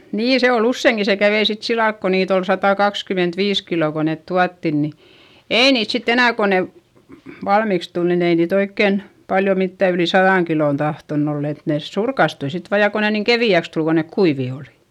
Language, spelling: Finnish, niin se oli useinkin se kävi sitten sillä lailla kun niitä oli satakaksikymmentäviisi kiloa kun ne tuotiin niin ei niitä sitten enää kun ne valmiiksi tuli niin ei niitä oikein paljon mitään yli sadan kilon tahtonut olla että ne surkastui sitten vain ja kun ne niin keveäksi tuli kun ne kuivia oli
- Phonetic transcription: nii se ol ‿ussèŋki - se kävei sit silalk ko niit ‿ol satàkakskymentviis kilò ko net tuattin ni , èi niit sitt ‿enä̀ ko ne , valmiks tul nin ‿ei niit ‿oikken , paljo mittä yli saδàŋ kilòn tahtonn ‿oll ‿et nès surkastui sit vaa ja ko ne niiŋ kevi₍äks tul kon nek kuivì olI .

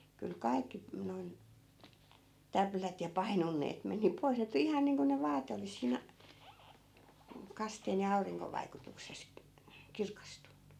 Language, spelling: Finnish, kyllä kaikki noin täplät ja painonteet meni pois ne tuli ihan niin kuin ne vaate olisi siinä mm kasteen ja auringon vaikutuksessa kirkastunut
- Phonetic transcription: kyl "kai̮kki , noi̮n , 'täplät ja 'painonneet 'meni pois ne tuli 'ihan niiŋko ne 'vaate olis 'sìnᵃ̈ , m̥ , 'kasteen ja 'auriŋkov vaikutukses , "kirkastunnu .

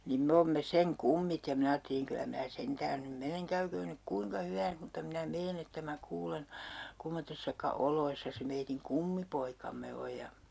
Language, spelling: Finnish, niin me olemme sen kummit ja minä ajattelin kyllä minä sentään nyt menen käyköön nyt kuinka hyvänsä mutta minä menen että minä kuulen kummoisissa oloissa se meidän kummipoikamme on ja
- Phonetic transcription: niim 'me oomme "seŋ 'kummit ja 'min ‿aatteliŋ kylä 'mää 'sentään nym 'meneŋ "käyköön nyk 'kuiŋka 'hyvääns mutta minä 'meen ‿että mä 'kuulen̬ , 'kummottessaka 'oloissa se meitiŋ "kummipoikamme oj ja ,.

